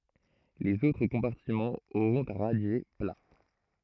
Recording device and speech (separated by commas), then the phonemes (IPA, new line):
throat microphone, read sentence
lez otʁ kɔ̃paʁtimɑ̃z oʁɔ̃t œ̃ ʁadje pla